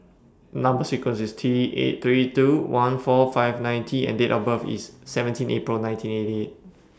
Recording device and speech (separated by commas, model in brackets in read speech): standing microphone (AKG C214), read sentence